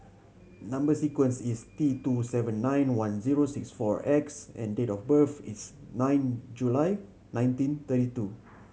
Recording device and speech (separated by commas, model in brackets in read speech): mobile phone (Samsung C7100), read sentence